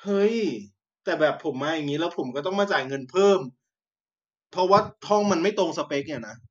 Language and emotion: Thai, frustrated